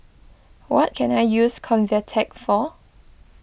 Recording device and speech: boundary microphone (BM630), read sentence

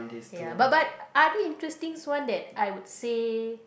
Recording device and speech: boundary microphone, conversation in the same room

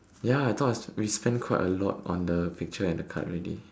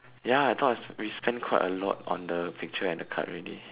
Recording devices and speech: standing microphone, telephone, conversation in separate rooms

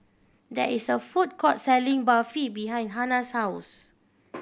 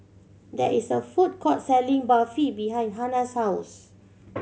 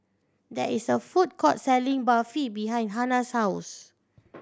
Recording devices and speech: boundary microphone (BM630), mobile phone (Samsung C7100), standing microphone (AKG C214), read sentence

